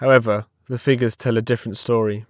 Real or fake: real